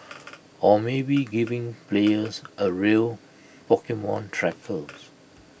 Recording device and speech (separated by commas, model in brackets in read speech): boundary microphone (BM630), read sentence